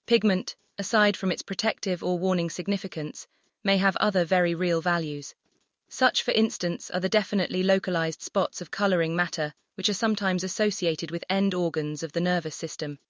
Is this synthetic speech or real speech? synthetic